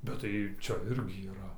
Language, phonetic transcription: Lithuanian, bet tai ˈčia ˈirgi yˈra

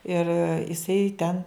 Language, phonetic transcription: Lithuanian, ir iˈsai ten

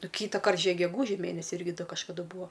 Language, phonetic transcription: Lithuanian, ˈnu ˈkytaˌkart ˈžiek geˈgūži ˈmėnesi ˈirgi ˈda kažkaˈdu ˈbūa

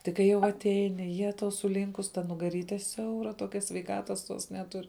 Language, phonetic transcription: Lithuanian, ˈtik kai jau atˈeini ˈjetau suˈlynkus ta nugaˈryte ˈsiaura ˈtokia sveiˈkatas tuos neˈtur

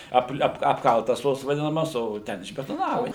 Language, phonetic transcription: Lithuanian, ˈapl ˈap apˈkaltas ˈtos vaˈdinamas ˈo ˈten išbetoˈnava

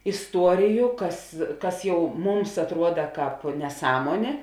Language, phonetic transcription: Lithuanian, isˈtuoriju ˈkas ˈkas ˈjau ˈmums atˈruoda ˈkāp neˈsąmuonė

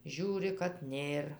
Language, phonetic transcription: Lithuanian, ˈžiūri kad ˈnėr

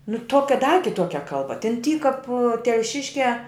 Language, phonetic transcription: Lithuanian, nu ˈtuokia da kiˈtuokia ˈkalba ten ˈty kap telˈšiškiā

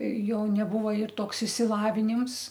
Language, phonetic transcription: Lithuanian, ˈjo neˈbuvo ir ˈtoks išsilaviˈnims

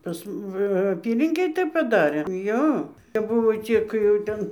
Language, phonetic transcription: Lithuanian, ˈpas m va aˈpylinkėj ˈtaip paˈdarė ˈjo kap ˈbuvo ˈcik jau ˈtan

